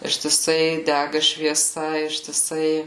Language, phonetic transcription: Lithuanian, ištiˈsai ˈdæga švieˈsa ištiˈsai

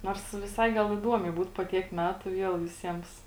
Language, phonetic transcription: Lithuanian, ˈnors viˈsai ˈgal iˈduomiai ˈbūt po ˈtiek ˈmetu ˈviel viˈsiems

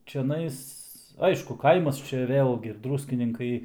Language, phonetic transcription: Lithuanian, čiaˈnais ˈaišku ˈkaimas ˈčia ˈvėlgi ˈdrūskininkai

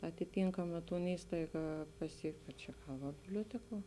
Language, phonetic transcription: Lithuanian, atiˈtinkama ˈton ˈįstaiga paˈsiekt o ˈčia ˈgal va biblioˈtekuo

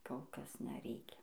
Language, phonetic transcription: Lithuanian, kol ˈkas neˈreikia

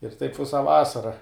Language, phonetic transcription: Lithuanian, ir taip ˈvisa ˈvasara

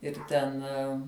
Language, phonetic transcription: Lithuanian, ir ˈten

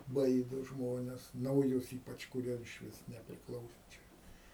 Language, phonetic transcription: Lithuanian, ˈbaido ˈžmones nauˈjus ˈypač kuˈrie išˈvis neprikˈlauso ˈčia

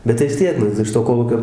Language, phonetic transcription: Lithuanian, ˈbet tai vis ˈtiek ˈnu iš to ˈkolūkio

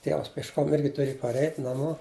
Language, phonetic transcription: Lithuanian, ˈtievas piešˈkom ˈirgi tuˈrėj parˈeit' naˈmo

